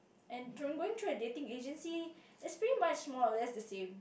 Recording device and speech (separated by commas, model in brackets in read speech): boundary microphone, conversation in the same room